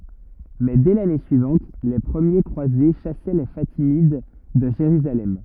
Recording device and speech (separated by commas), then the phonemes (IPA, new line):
rigid in-ear microphone, read sentence
mɛ dɛ lane syivɑ̃t le pʁəmje kʁwaze ʃasɛ le fatimid də ʒeʁyzalɛm